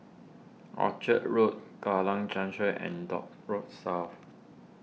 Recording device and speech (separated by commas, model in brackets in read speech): mobile phone (iPhone 6), read sentence